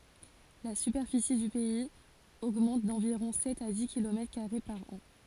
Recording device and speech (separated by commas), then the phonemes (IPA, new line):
forehead accelerometer, read sentence
la sypɛʁfisi dy pɛiz oɡmɑ̃t dɑ̃viʁɔ̃ sɛt a di kilomɛtʁ kaʁe paʁ ɑ̃